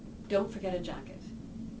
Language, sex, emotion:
English
female
neutral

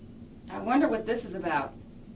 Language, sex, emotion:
English
female
neutral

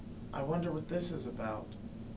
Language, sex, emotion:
English
male
fearful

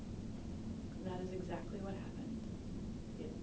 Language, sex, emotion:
English
female
neutral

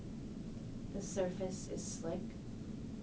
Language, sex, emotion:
English
female
neutral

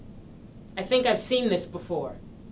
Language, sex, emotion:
English
female
neutral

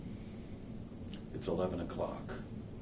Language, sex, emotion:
English
male
neutral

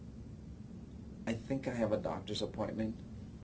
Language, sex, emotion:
English
male
neutral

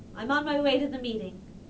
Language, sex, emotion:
English
female
neutral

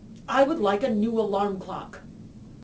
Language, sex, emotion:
English
female
angry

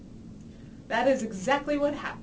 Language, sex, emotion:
English
female
neutral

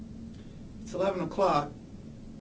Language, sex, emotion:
English
male
neutral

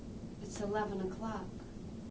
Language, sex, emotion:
English
female
neutral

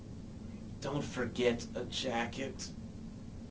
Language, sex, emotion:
English
male
neutral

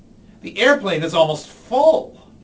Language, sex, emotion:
English
male
fearful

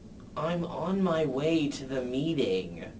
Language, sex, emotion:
English
male
disgusted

